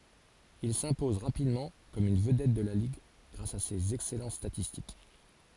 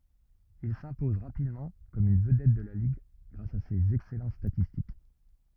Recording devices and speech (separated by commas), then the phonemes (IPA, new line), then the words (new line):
forehead accelerometer, rigid in-ear microphone, read sentence
il sɛ̃pɔz ʁapidmɑ̃ kɔm yn vədɛt də la liɡ ɡʁas a sez ɛksɛlɑ̃t statistik
Il s'impose rapidement comme une vedette de la ligue grâce à ses excellentes statistiques.